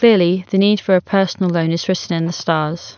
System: none